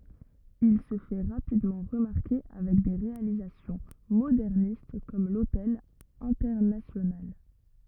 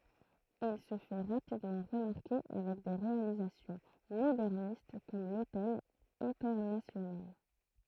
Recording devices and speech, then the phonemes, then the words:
rigid in-ear microphone, throat microphone, read sentence
il sə fɛ ʁapidmɑ̃ ʁəmaʁke avɛk de ʁealizasjɔ̃ modɛʁnist kɔm lotɛl ɛ̃tɛʁnasjonal
Il se fait rapidement remarquer avec des réalisations modernistes comme l'Hotel Internacional.

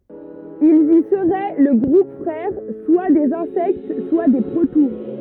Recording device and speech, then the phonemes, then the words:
rigid in-ear microphone, read sentence
ilz i səʁɛ lə ɡʁup fʁɛʁ swa dez ɛ̃sɛkt swa de pʁotuʁ
Ils y seraient le groupe frère soit des Insectes, soit des protoures.

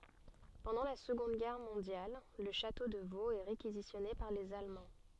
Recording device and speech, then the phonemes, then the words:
soft in-ear microphone, read sentence
pɑ̃dɑ̃ la səɡɔ̃d ɡɛʁ mɔ̃djal lə ʃato də voz ɛ ʁekizisjɔne paʁ lez almɑ̃
Pendant la Seconde Guerre mondiale, le château de Vaux est réquisitionné par les Allemands.

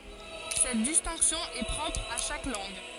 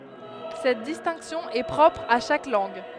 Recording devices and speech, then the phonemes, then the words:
forehead accelerometer, headset microphone, read sentence
sɛt distɛ̃ksjɔ̃ ɛ pʁɔpʁ a ʃak lɑ̃ɡ
Cette distinction est propre à chaque langue.

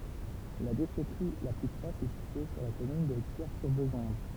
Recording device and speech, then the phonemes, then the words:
temple vibration pickup, read sentence
la deʃɛtʁi la ply pʁɔʃ ɛ sitye syʁ la kɔmyn də kjɛʁsyʁbezɔ̃d
La déchèterie la plus proche est située sur la commune de Quiers-sur-Bézonde.

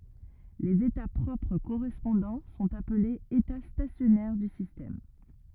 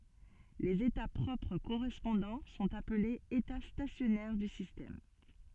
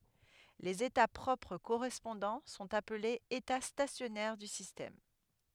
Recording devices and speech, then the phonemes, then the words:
rigid in-ear microphone, soft in-ear microphone, headset microphone, read sentence
lez eta pʁɔpʁ koʁɛspɔ̃dɑ̃ sɔ̃t aplez eta stasjɔnɛʁ dy sistɛm
Les états propres correspondants sont appelés états stationnaires du système.

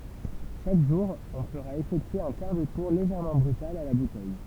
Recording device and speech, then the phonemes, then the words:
temple vibration pickup, read sentence
ʃak ʒuʁ ɔ̃ fəʁa efɛktye œ̃ kaʁ də tuʁ leʒɛʁmɑ̃ bʁytal a la butɛj
Chaque jour, on fera effectuer un quart de tour légèrement brutal à la bouteille.

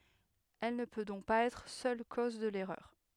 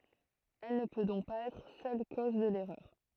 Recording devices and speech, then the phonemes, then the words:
headset microphone, throat microphone, read sentence
ɛl nə pø dɔ̃k paz ɛtʁ sœl koz də lɛʁœʁ
Elle ne peut donc pas être seule cause de l'erreur.

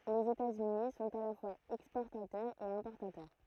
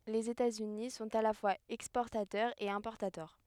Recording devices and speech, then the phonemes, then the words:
throat microphone, headset microphone, read sentence
lez etatsyni sɔ̃t a la fwaz ɛkspɔʁtatœʁz e ɛ̃pɔʁtatœʁ
Les États-Unis sont à la fois exportateurs et importateurs.

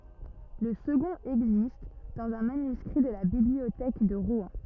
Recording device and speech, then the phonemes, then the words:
rigid in-ear microphone, read sentence
lə səɡɔ̃t ɛɡzist dɑ̃z œ̃ manyskʁi də la bibliotɛk də ʁwɛ̃
Le second existe dans un manuscrit de la Bibliothèque de Rouen.

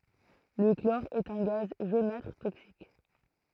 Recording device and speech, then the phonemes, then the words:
throat microphone, read sentence
lə klɔʁ ɛt œ̃ ɡaz ʒonatʁ toksik
Le chlore est un gaz jaunâtre toxique.

